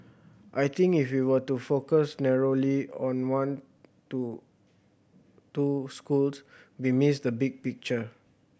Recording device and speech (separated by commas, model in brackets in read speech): boundary microphone (BM630), read sentence